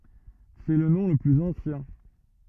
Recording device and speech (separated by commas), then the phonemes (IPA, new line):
rigid in-ear microphone, read sentence
sɛ lə nɔ̃ lə plyz ɑ̃sjɛ̃